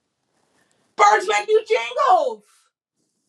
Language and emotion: English, surprised